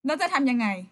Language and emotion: Thai, angry